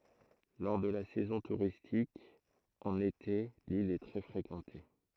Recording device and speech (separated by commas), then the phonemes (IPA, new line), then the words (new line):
throat microphone, read sentence
lɔʁ də la sɛzɔ̃ tuʁistik ɑ̃n ete lil ɛ tʁɛ fʁekɑ̃te
Lors de la saison touristique, en été, l'île est très fréquentée.